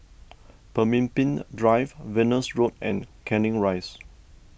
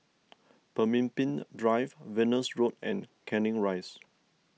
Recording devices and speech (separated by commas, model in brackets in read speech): boundary microphone (BM630), mobile phone (iPhone 6), read sentence